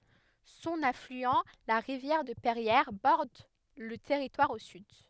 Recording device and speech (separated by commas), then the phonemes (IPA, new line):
headset microphone, read sentence
sɔ̃n aflyɑ̃ la ʁivjɛʁ də pɛʁjɛʁ bɔʁd lə tɛʁitwaʁ o syd